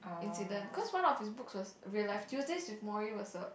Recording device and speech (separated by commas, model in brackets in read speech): boundary microphone, conversation in the same room